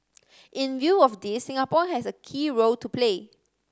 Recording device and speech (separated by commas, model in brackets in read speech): standing microphone (AKG C214), read sentence